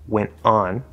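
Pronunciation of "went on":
In 'went on', the t at the end of 'went' is a stop T.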